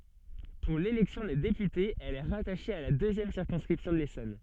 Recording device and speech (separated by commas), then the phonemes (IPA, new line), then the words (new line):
soft in-ear microphone, read sentence
puʁ lelɛksjɔ̃ de depytez ɛl ɛ ʁataʃe a la døzjɛm siʁkɔ̃skʁipsjɔ̃ də lesɔn
Pour l'élection des députés, elle est rattachée à la deuxième circonscription de l'Essonne.